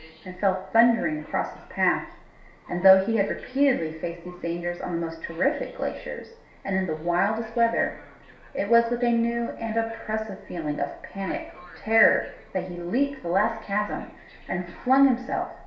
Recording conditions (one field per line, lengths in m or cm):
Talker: one person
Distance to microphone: 1.0 m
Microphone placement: close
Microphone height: 1.1 m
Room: small (3.7 m by 2.7 m)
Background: television